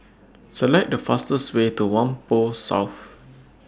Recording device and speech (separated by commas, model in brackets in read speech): standing microphone (AKG C214), read sentence